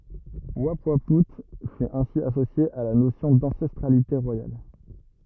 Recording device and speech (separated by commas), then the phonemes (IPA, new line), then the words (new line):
rigid in-ear microphone, read sentence
upwau fy ɛ̃si asosje a la nosjɔ̃ dɑ̃sɛstʁalite ʁwajal
Oupouaout fut ainsi associé à la notion d'ancestralité royale.